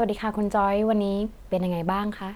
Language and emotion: Thai, neutral